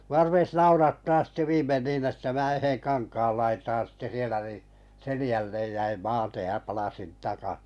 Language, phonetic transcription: Finnish, mu₍a 'rupes "naurattaa sⁱtte 'viimmen niin että mää 'yheŋ 'kankaal laitaan̬ sⁱtte sielä ni , 'selⁱjällej jäim "maatej ja 'palasin "taka- .
- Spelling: minua rupesi naurattamaan sitten viimein niin että minä yhden kankaan laitaan sitten siellä niin selälle jäin maate ja palasin -

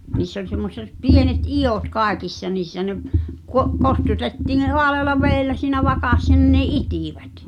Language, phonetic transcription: Finnish, 'niiss ‿oĺ semmoset "pienet "iʲòt 'kàekissa niissä ne’ , kuo- , "kostutettiiⁿ ne 'hoaleala "veellä siinä 'vakassa nin ne "itìvät .
- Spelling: niissä oli semmoiset pienet idut kaikissa niissä ne - kostutettiin ne haalealla vedellä siinä vakassa niin ne itivät

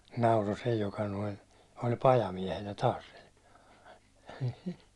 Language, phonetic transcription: Finnish, nauro 'se joka noin̬ , oĺ 'pajamiɛhenä taas sil .
- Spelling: nauroi se joka noin oli pajamiehenä taas sillä

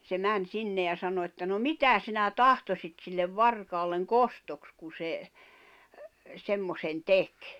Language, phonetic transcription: Finnish, 'se 'män 'sinne ja 'sano että » no "mitä 'sinä "tahtosit 'sillev "varkaalleŋ "kostoks ku se , 'semmosen "tek ? « .
- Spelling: se meni sinne ja sanoi että no mitä sinä tahtoisit sille varkaalle kostoksi kun se semmoisen teki

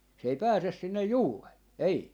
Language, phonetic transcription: Finnish, se ei 'pääses sinnej "juuree , 'ei .
- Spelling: se ei pääse sinne juureen ei

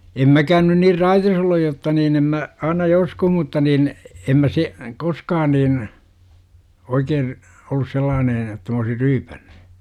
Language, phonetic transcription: Finnish, em 'mäkään nyn nir "raitis olluj jotta niin em mä , aina "joskuh mutta nin , 'em mä 'se , 'koskaan niin , 'oikeen̬ , ollus 'sellaanen ‿että m ‿oosir "ryypÄNNU .
- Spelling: en minäkään nyt niin raitis ollut jotta niin en minä aina joskus mutta niin en minä se koskaan niin oikein ollut sellainen että minä olisin ryypännyt

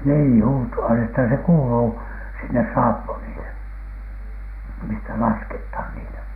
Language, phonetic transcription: Finnish, nii "huto₍a että se "kuuluu , sinnes 'saappunile , mistä "laskethan 'niitä .
- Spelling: niin huutoa että se kuuluu sinne saappanille mistä lasketaan niitä

